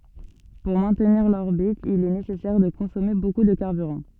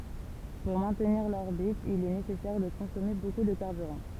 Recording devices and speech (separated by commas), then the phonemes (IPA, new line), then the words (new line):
soft in-ear microphone, temple vibration pickup, read sentence
puʁ mɛ̃tniʁ lɔʁbit il ɛ nesɛsɛʁ də kɔ̃sɔme boku də kaʁbyʁɑ̃
Pour maintenir l'orbite, il est nécessaire de consommer beaucoup de carburant.